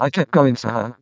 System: VC, vocoder